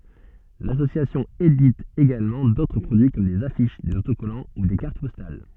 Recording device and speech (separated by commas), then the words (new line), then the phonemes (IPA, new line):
soft in-ear microphone, read sentence
L'association édite également d'autres produits comme des affiches, des autocollants ou des cartes postales.
lasosjasjɔ̃ edit eɡalmɑ̃ dotʁ pʁodyi kɔm dez afiʃ dez otokɔlɑ̃ u de kaʁt pɔstal